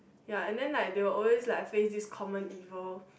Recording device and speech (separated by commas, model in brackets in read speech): boundary microphone, conversation in the same room